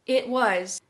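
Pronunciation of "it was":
In 'it was', the t is held and not released, so no air is let out before 'was'.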